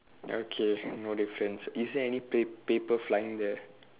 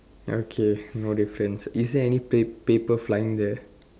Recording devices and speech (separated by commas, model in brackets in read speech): telephone, standing microphone, conversation in separate rooms